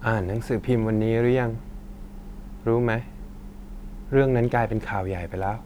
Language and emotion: Thai, frustrated